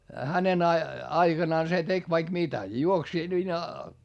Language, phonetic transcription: Finnish, hänen ‿a- , aiGanaan se tek vaik mitä , juoks ,.
- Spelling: hänen - aikanaan se teki vaikka mitä juoksi

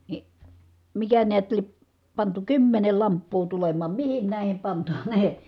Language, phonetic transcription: Finnish, ni , mikä niät lie(p) , pantu kymmenel lamppuu tulem̀aam mihin nä̀i̮hem pantanee ?
- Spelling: niin mikä näet lie pantu kymmenen lamppua tulemaan mihin näihin pantaneen

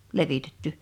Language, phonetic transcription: Finnish, 'levitetty .
- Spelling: levitetty

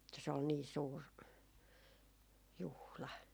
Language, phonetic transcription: Finnish, että se ol nii 'suur , 'juhla .
- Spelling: että se oli niin suuri juhla

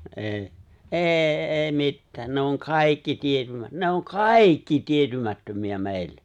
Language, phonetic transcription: Finnish, '’e̬e̬ , '’e̬e̬ , '’e̬e̬ 'mittää , 'ne oŋ 'kàikki 'tietymät- 'ne oŋ "kaaikki 'tietymättömi₍ä 'mè̬ille .
- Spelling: ei ei ei mitään ne on kaikki - ne on kaikki tietymättömiä meille

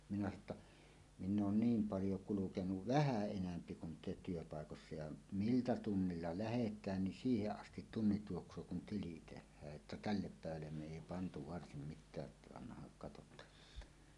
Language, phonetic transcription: Finnish, minä sano ‿tta , » "minn ‿oon 'niim 'paljo 'kulukenuv "vähä̀ 'enämpi kun te työpàekossa ja "miltä 'tunnilla 'lähet̀ään nin "siiheˀ 'ˀastit 'tunnit 'juoks̀oo kun "tili 'teh̆hää’ ’että "tällep "pä̀evällem 'me 'èi 'pantu "varsim "mit̆tää’ ’että annahaŋ katot̀aan « .
- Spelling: minä sanoin että minä olen niin paljon kulkenut vähän enempi kuin te työpaikoissa ja miltä tunnilla lähdetään niin siihen asti tunnit juoksee kun tili tehdään että tälle päivälle me ei pantu varsin mitään että annahan katsotaan

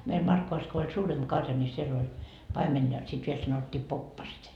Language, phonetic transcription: Finnish, meil 'Markkovas ko oĺ "suuremB 'karja ńi 'siell ‿oĺ , 'paimen ja sit 'viel sanottii 'poppaset .
- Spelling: meillä Markkovassa kun oli suurempi karja niin siellä oli paimen ja sitten vielä sanottiin poppaset

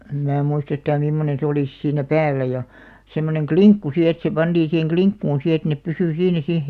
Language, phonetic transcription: Finnish, em mää 'muist ‿yhtää 'mimmonen̬ se olìs 'siinnä "päällä ja , semmoneŋ "kliŋkku si et se 'panᴅiiḭ siheŋ "kliŋkkuun si et nep 'pysy 'siinä 'siʰ .
- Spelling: en minä muista yhtään mimmoinen se oli siinä päällä ja semmoinen linkku sitten että se pantiin siihen linkkuun sitten että ne pysyi siinä sitten

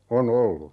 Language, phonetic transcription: Finnish, "o'n ‿ollu .
- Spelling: on ollut

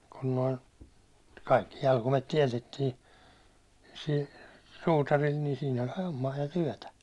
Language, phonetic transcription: Finnish, kun noin̬ , kaikki jalkumet 'tiɛtettii , sil , suutaril ni siin ‿oĺ 'hommaa ja 'tyäₒtä .
- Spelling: kun noin kaikki jalkaimet tiedettiin sillä suutarilla niin siinä oli hommaa ja työtä

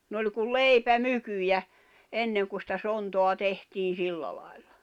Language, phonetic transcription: Finnish, n ‿oĺ kul "leipä'mykyjä , 'enneŋ ku sⁱtä 'sontoa 'tehtiin̬ 'silla lài̬lʟᴀ .
- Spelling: ne oli kuin leipämykyjä ennen kun sitä sontaa tehtiin sillä lailla

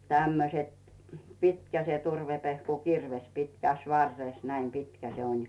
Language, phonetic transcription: Finnish, 'tämmöset , 'pitkä se 'turvepehku"kirves pitkäs 'varres näim 'pitkä se on̳ .
- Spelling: tämmöiset pitkä se turvepehkukirves pitkässä varressa näin pitkä se on

